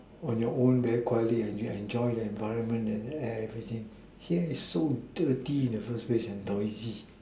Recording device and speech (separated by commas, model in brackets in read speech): standing microphone, conversation in separate rooms